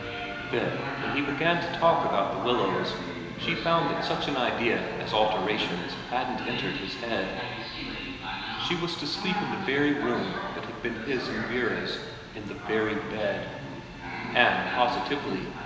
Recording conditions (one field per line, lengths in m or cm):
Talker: one person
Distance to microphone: 1.7 m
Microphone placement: close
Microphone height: 1.0 m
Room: very reverberant, large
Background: television